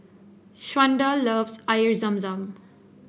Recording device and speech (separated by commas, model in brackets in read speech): boundary microphone (BM630), read sentence